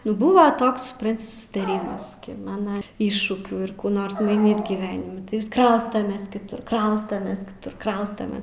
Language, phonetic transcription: Lithuanian, ˈnu ˈbuva ˈtoks supˈranti susitaˈrymas ˈki ˈmana ˈiššūkių ir ˈkų ˈnors maiˈnyt gyˈvenimi tai vis ˈkraustames kiˈtur ˈkraustames kiˈtur ˈkraustamės

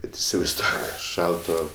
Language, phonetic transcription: Lithuanian, ˈbet isivaizˈduok ˈšalto

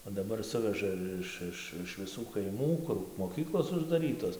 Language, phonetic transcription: Lithuanian, o daˈbar ˈsuveža ˈiš ˈiš iš viˈsų kaiˈmų ˈkur moˈkyklos uždaˈrytos

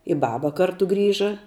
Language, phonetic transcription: Lithuanian, i ˈbaba ˈkartu ˈgrįža

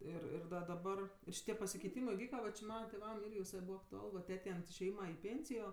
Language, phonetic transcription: Lithuanian, ˈir ir da daˈbar ir šiˈtie pasikeiˈtymɜ iˈvyka ˈva či ˈmana tėˈvam ˈirgi viˈsai ˈbūva aktuˈal va ˈtetei ant išėˈjyma i ˈpėnsijo

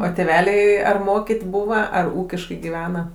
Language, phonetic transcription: Lithuanian, o tėˈveliai ar ˈmokyt' ˈbūva ar ˈūkiškai giˈvena

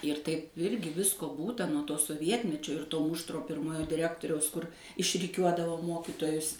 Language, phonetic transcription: Lithuanian, ir taip ˈirgi ˈvisko ˈbūta nuo ˈto soˈvietmečio ir ˈto ˈmuštro ˈpirmojo diˈrektoriaus kur išriˈkiuodavo ˈmokytojus

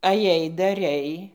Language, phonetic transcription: Lithuanian, aˈjai daˈrei

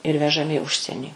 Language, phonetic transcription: Lithuanian, ir vežaˈmi i ˈužsienį

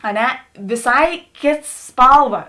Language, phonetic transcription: Lithuanian, a ˈne viˈsai ˈkėts ˈspalˌva

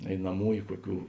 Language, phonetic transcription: Lithuanian, einaˈmųju ˈkuoˌkių

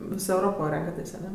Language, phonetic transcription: Lithuanian, ˈvis euˈropo ˈrenkatės' aˈne

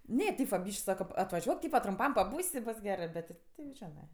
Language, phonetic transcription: Lithuanian, ˈne ˈtėp va ˈbyšk' ˈsaka atvaˈžiuok ˈtypa trumˈpam paˈbūs' i ˈbos ˈgerɜ ˈbet ti ˈti jau ˈženɜ

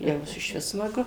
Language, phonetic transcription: Lithuanian, jau išˈvis smaˈgu

